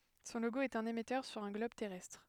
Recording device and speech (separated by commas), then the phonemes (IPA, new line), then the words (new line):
headset microphone, read sentence
sɔ̃ loɡo ɛt œ̃n emɛtœʁ syʁ œ̃ ɡlɔb tɛʁɛstʁ
Son logo est un émetteur sur un globe terrestre.